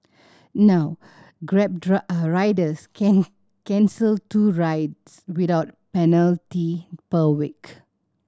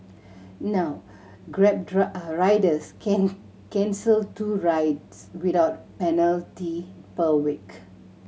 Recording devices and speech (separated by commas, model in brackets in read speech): standing microphone (AKG C214), mobile phone (Samsung C7100), read sentence